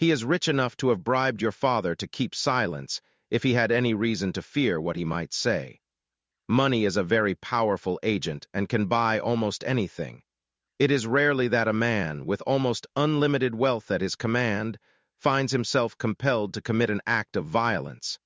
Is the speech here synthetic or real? synthetic